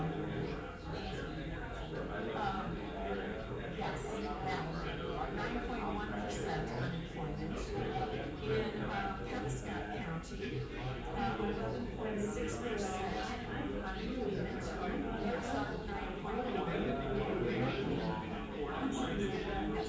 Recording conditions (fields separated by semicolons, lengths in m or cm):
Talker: no one; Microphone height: 1.0 m; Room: large; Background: babble